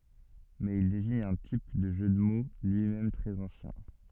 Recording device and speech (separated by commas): soft in-ear microphone, read sentence